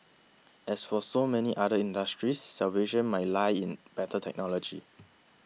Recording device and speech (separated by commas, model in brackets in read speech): mobile phone (iPhone 6), read sentence